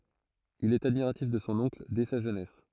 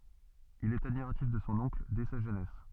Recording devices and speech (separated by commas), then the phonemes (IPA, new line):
throat microphone, soft in-ear microphone, read sentence
il ɛt admiʁatif də sɔ̃ ɔ̃kl dɛ sa ʒønɛs